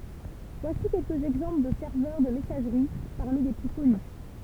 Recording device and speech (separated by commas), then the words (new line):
temple vibration pickup, read sentence
Voici quelques exemples de serveurs de messagerie parmi les plus connus.